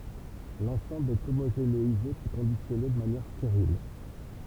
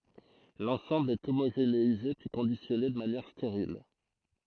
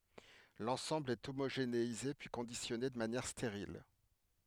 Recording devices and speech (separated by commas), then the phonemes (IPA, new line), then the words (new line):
temple vibration pickup, throat microphone, headset microphone, read sentence
lɑ̃sɑ̃bl ɛ omoʒeneize pyi kɔ̃disjɔne də manjɛʁ steʁil
L'ensemble est homogénéisé puis conditionné de manière stérile.